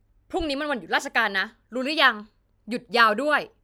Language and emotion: Thai, angry